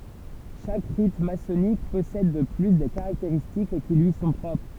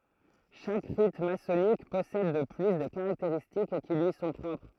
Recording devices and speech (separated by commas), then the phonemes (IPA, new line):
temple vibration pickup, throat microphone, read sentence
ʃak ʁit masɔnik pɔsɛd də ply de kaʁakteʁistik ki lyi sɔ̃ pʁɔpʁ